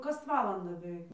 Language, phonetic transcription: Lithuanian, ˈkas ˈvalandą beˈveik

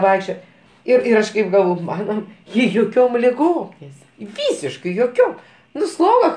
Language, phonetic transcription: Lithuanian, ˈvaikščioje ˈir ir ˈaš kaip galˈvoj ˈmano ˈji joˈkiom liˈgom neˈsirga ˈvysiškai joˈkiom ˈnu ˈsloga

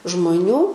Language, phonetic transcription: Lithuanian, žmoˈnių

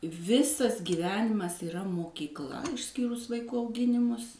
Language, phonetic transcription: Lithuanian, ˈvisas gyˈvenimas yˈra mokykˈla išˈskyrus vaiˈkų auˈginimus

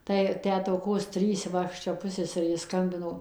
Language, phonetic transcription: Lithuanian, ˈtai ˈtę toˈkos ˈtrys ˈva ˈaš ˈčia ˈpusseserei ˈskambinau

